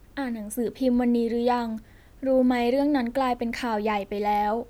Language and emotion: Thai, neutral